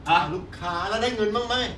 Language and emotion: Thai, frustrated